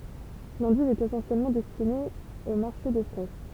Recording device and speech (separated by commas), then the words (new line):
temple vibration pickup, read sentence
L'endive est essentiellement destinée au marché de frais.